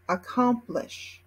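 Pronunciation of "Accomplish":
'Accomplish' is pronounced in American English.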